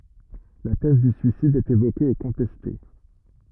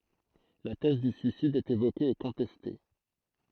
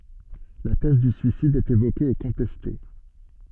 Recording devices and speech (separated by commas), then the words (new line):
rigid in-ear microphone, throat microphone, soft in-ear microphone, read sentence
La thèse du suicide est évoquée et contestée.